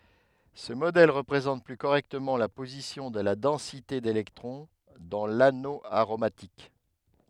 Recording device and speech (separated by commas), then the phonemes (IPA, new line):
headset microphone, read sentence
sə modɛl ʁəpʁezɑ̃t ply koʁɛktəmɑ̃ la pozisjɔ̃ də la dɑ̃site delɛktʁɔ̃ dɑ̃ lano aʁomatik